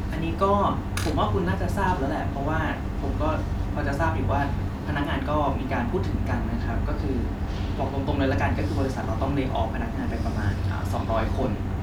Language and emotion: Thai, neutral